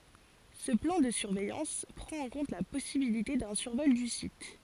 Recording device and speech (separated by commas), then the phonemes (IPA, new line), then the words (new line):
forehead accelerometer, read sentence
sə plɑ̃ də syʁvɛjɑ̃s pʁɑ̃t ɑ̃ kɔ̃t la pɔsibilite dœ̃ syʁvɔl dy sit
Ce plan de surveillance prend en compte la possibilité d’un survol du site.